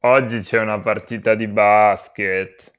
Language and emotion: Italian, disgusted